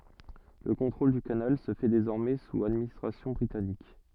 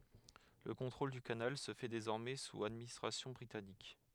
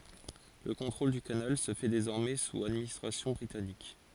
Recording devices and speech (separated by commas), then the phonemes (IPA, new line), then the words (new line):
soft in-ear microphone, headset microphone, forehead accelerometer, read sentence
lə kɔ̃tʁol dy kanal sə fɛ dezɔʁmɛ suz administʁasjɔ̃ bʁitanik
Le contrôle du canal se fait désormais sous administration britannique.